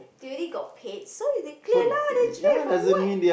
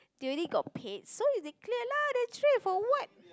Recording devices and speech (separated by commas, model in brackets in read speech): boundary microphone, close-talking microphone, conversation in the same room